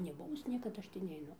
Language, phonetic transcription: Lithuanian, neˈbuvus ˈniekad ˈaš tį neiˈnu

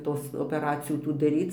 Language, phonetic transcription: Lithuanian, ˈtos opeˈracijų ˈtų daˈryc

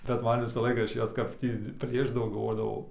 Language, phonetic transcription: Lithuanian, bet ˈman ˈvisa ˈlaika ˈaš ˈjas kap ˈtį ˈplėšdavau galˈvodavau

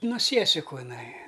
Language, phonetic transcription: Lithuanian, no ˈsiesiku iˈnai

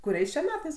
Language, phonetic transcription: Lithuanian, kuˈriais čia ˈmetais

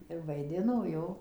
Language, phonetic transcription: Lithuanian, ir vaiˈdino ˈjo

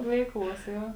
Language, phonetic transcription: Lithuanian, ˈveiˌkluos ˈjo

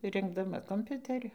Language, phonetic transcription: Lithuanian, ˈrinkdama komˈpiuteriu

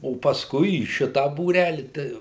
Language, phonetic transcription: Lithuanian, o pasˈkui į ˈšita būˈræli tai

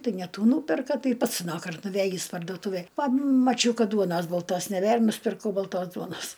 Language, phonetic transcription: Lithuanian, ˈtai ne ˈtų ˈnūperka ˈtai ˈpats aˈnąkart nuˈvėjįs parduoˈtūvėj pamaˈčiau ˈkad ˈduonas balˈtos neˈbėr nusipirˈkau balˈtos ˈduonas

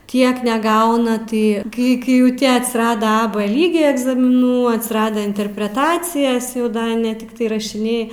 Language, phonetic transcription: Lithuanian, ˈtiek neˈgauna ˈtai ˈkai kai ˈjau ˈtie atsiˈrada a b ˈlygė egzamiˈnų atsiˈradę interpreˈtacijas jau ˈda ne tikˈtai rašiˈniai

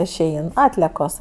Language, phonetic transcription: Lithuanian, išˈein ˈatliekos

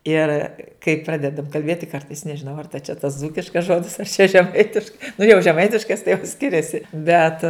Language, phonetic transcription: Lithuanian, ˈir kai ˈpradedam kalˈbėti ˈkartais nežiˈnau ar ta čia tas ˈdzūkiškas ˈžodis ar čia žeˈmaitiškai nu jau žeˈmaitiškas tai jau ˈskiriasi bet

